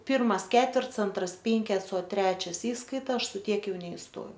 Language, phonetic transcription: Lithuanian, ˈpirmas ˈketverts ˈantras ˈpinkets o ˈtrečias ˈįskaita ˈaš su ˈtiek ˈjau neisˈtojau

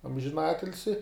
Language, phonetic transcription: Lithuanian, amžiˈnatilsi

